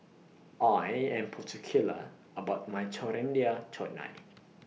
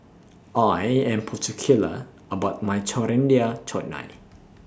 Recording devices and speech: mobile phone (iPhone 6), standing microphone (AKG C214), read sentence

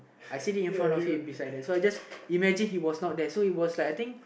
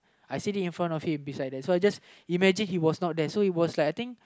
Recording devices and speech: boundary microphone, close-talking microphone, conversation in the same room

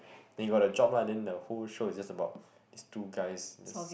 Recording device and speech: boundary microphone, conversation in the same room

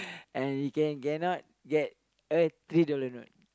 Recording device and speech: close-talking microphone, conversation in the same room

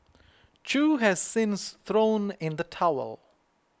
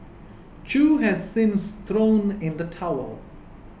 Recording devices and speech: close-talking microphone (WH20), boundary microphone (BM630), read sentence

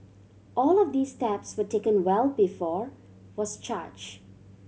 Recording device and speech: mobile phone (Samsung C7100), read sentence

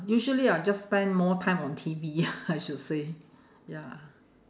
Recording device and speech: standing microphone, conversation in separate rooms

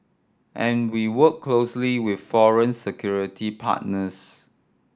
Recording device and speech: standing microphone (AKG C214), read sentence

